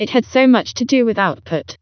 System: TTS, vocoder